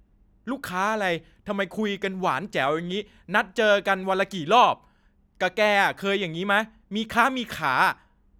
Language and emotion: Thai, angry